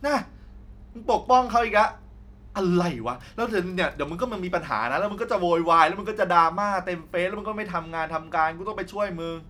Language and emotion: Thai, frustrated